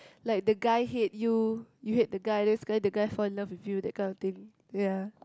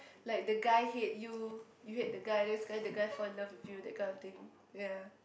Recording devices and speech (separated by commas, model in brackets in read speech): close-talking microphone, boundary microphone, conversation in the same room